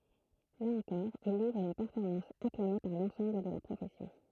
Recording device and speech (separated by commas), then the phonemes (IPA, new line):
throat microphone, read sentence
la ɑ̃kɔʁ il livʁ yn pɛʁfɔʁmɑ̃s aklame paʁ lɑ̃sɑ̃bl də la pʁofɛsjɔ̃